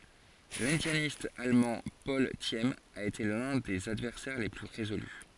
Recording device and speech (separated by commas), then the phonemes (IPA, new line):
forehead accelerometer, read sentence
lɛ̃djanist almɑ̃ pɔl sim a ete lœ̃ də sez advɛʁsɛʁ le ply ʁezoly